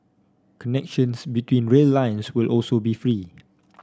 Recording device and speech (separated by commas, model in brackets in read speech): standing microphone (AKG C214), read sentence